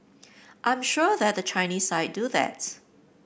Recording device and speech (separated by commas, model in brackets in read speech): boundary microphone (BM630), read sentence